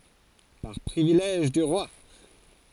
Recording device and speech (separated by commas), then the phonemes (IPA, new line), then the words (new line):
forehead accelerometer, read sentence
paʁ pʁivilɛʒ dy ʁwa
Par privilège du roi.